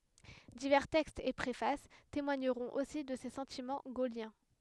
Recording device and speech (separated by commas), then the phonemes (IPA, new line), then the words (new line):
headset microphone, read sentence
divɛʁ tɛkstz e pʁefas temwaɲəʁɔ̃t osi də se sɑ̃timɑ̃ ɡoljɛ̃
Divers textes et préfaces témoigneront aussi de ses sentiments gaulliens.